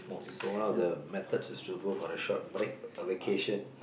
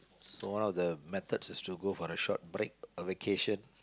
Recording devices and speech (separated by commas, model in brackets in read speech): boundary microphone, close-talking microphone, conversation in the same room